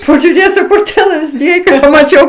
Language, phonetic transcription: Lithuanian, pažiuˈrėsiu ˈkur tie lazˈdijai kai pamaˈčiau

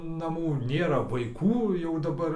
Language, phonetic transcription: Lithuanian, naˈmų ˈnėra vaiˈkų jau daˈbar

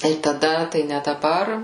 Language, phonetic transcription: Lithuanian, tai taˈda tai ne daˈbar

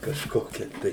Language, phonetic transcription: Lithuanian, kažˈkokia tai

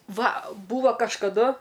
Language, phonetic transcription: Lithuanian, ˈva ˈbūva kažkaˈdu

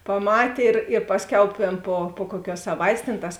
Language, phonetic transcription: Lithuanian, paˈmatė ir ir ˈpasˌkiau ˈtėn ˈpo po ˈkuoˌkiuos saˈvaitės tėn ˈtas

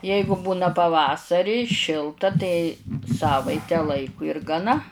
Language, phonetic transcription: Lithuanian, ˈjeigu ˈbūna paˈvasarį ˈšilta tai ˈsavaite ˈlaiku ir gaˈna

